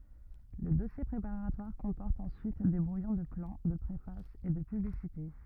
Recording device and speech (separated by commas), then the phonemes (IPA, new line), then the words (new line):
rigid in-ear microphone, read sentence
lə dɔsje pʁepaʁatwaʁ kɔ̃pɔʁt ɑ̃syit de bʁujɔ̃ də plɑ̃ də pʁefas e də pyblisite
Le dossier préparatoire comporte ensuite des brouillons de plan, de préface et de publicité.